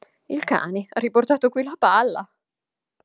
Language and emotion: Italian, surprised